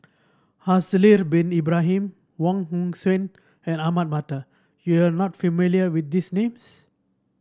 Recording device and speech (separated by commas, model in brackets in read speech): standing microphone (AKG C214), read sentence